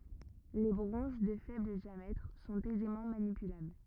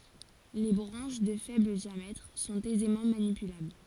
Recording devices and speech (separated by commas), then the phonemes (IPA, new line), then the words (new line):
rigid in-ear microphone, forehead accelerometer, read sentence
le bʁɑ̃ʃ də fɛbl djamɛtʁ sɔ̃t ɛzemɑ̃ manipylabl
Les branches de faible diamètre sont aisément manipulables.